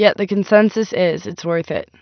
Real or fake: real